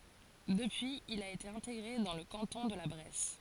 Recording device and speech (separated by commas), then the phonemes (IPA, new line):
forehead accelerometer, read sentence
dəpyiz il a ete ɛ̃teɡʁe dɑ̃ lə kɑ̃tɔ̃ də la bʁɛs